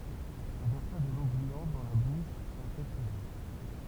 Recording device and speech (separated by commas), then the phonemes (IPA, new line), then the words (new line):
temple vibration pickup, read sentence
ɔ̃ vɛʁsa də lo bujɑ̃t dɑ̃ la buʃ a kɛlkəzœ̃
On versa de l'eau bouillante dans la bouche à quelques-uns.